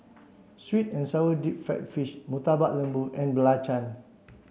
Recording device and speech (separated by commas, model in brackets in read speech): mobile phone (Samsung C7), read sentence